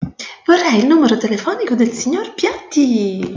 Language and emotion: Italian, happy